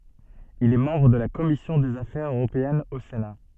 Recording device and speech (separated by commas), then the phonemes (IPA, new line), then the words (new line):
soft in-ear microphone, read sentence
il ɛ mɑ̃bʁ də la kɔmisjɔ̃ dez afɛʁz øʁopeɛnz o sena
Il est membre de la Commission des affaires européennes au Sénat.